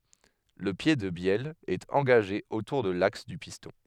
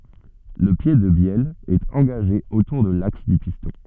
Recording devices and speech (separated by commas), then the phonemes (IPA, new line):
headset microphone, soft in-ear microphone, read sentence
lə pje də bjɛl ɛt ɑ̃ɡaʒe otuʁ də laks dy pistɔ̃